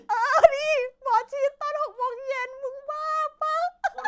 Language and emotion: Thai, happy